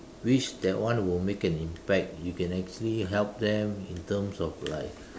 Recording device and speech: standing microphone, conversation in separate rooms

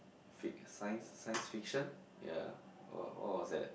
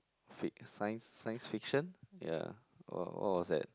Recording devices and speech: boundary microphone, close-talking microphone, conversation in the same room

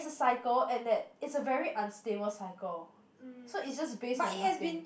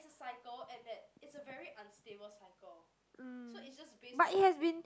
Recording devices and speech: boundary microphone, close-talking microphone, conversation in the same room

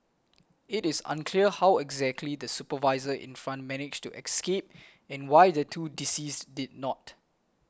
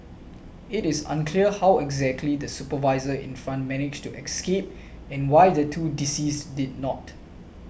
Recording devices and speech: close-talking microphone (WH20), boundary microphone (BM630), read sentence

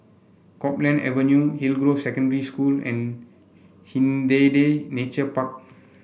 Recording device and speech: boundary microphone (BM630), read sentence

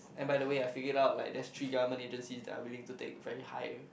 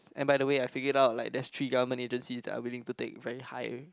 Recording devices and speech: boundary microphone, close-talking microphone, conversation in the same room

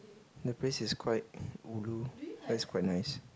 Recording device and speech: close-talking microphone, conversation in the same room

